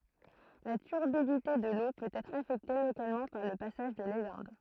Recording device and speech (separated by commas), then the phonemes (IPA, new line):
throat microphone, read sentence
la tyʁbidite də lo pøt ɛtʁ afɛkte lokalmɑ̃ paʁ lə pasaʒ də lelɛ̃d